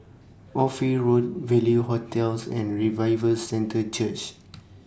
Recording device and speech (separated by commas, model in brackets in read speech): standing microphone (AKG C214), read sentence